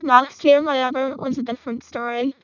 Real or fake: fake